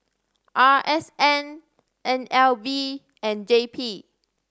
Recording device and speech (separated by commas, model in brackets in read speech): standing microphone (AKG C214), read sentence